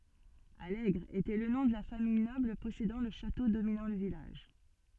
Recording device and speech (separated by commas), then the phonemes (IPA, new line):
soft in-ear microphone, read sentence
alɛɡʁ etɛ lə nɔ̃ də la famij nɔbl pɔsedɑ̃ lə ʃato dominɑ̃ lə vilaʒ